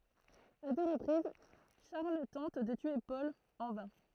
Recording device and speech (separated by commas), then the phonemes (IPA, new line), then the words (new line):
throat microphone, read sentence
a dø ʁəpʁiz ʃaʁl tɑ̃t də tye pɔl ɑ̃ vɛ̃
À deux reprises, Charles tente de tuer Paul – en vain.